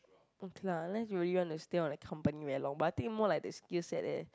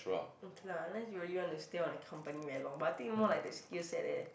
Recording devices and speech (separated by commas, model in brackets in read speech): close-talking microphone, boundary microphone, conversation in the same room